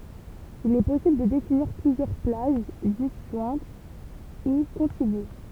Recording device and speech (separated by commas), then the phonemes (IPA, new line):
temple vibration pickup, read sentence
il ɛ pɔsibl də definiʁ plyzjœʁ plaʒ dizʒwɛ̃t u kɔ̃tiɡy